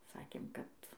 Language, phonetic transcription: Lithuanian, ˈsakėm kad

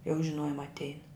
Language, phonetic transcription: Lithuanian, jau žiˈnojum atˈein

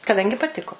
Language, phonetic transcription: Lithuanian, kaˈdangi paˈtiko

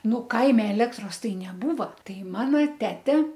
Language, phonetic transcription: Lithuanian, ˈnu ˈkaime eˈlektros ˈtai neˈbūva ˈtai ˈmana ˈtete

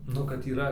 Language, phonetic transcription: Lithuanian, ˈnu kad yˈra

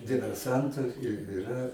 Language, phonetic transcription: Lithuanian, diverˈsantu ir iˈra

